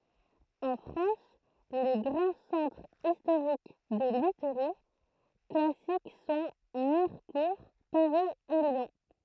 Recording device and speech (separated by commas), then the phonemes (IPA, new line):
throat microphone, read sentence
ɑ̃ fʁɑ̃s le ɡʁɑ̃ sɑ̃tʁz istoʁik də lytʁi klasik sɔ̃ miʁkuʁ paʁi e ljɔ̃